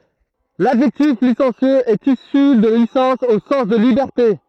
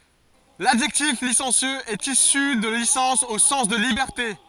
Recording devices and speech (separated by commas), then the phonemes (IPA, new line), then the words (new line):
throat microphone, forehead accelerometer, read sentence
ladʒɛktif lisɑ̃sjøz ɛt isy də lisɑ̃s o sɑ̃s də libɛʁte
L'adjectif licencieux est issu de licence au sens de liberté.